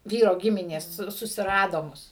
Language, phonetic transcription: Lithuanian, ˈvyro ˈgiminės ˈsu susiˈrado ˈmus

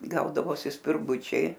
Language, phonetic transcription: Lithuanian, ˈgaudavosi spirˈgučiai

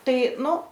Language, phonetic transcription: Lithuanian, ˈtai ˈnu

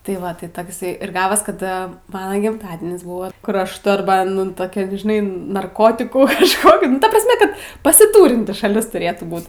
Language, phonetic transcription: Lithuanian, tai ˈva ˈtai iˈsai ir ˈgavas kad ˈmana gimˈtadienis ˈbuvo kur ˈaš torˈbanin ˈtokia žiˈnai narˈkotikų iešˈkokit nu ˈta prasˈme ˈkad pasiˈtūrinti šaˈlis tuˈrėtų ˈbūt

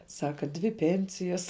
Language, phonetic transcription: Lithuanian, ˈsaka dvi ˈpensijas

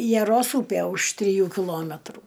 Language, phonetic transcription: Lithuanian, jaˈros ˈūpė už triˈjų kiˈlometrų

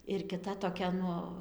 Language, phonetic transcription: Lithuanian, ir kiˈta toˈkia ˈnu

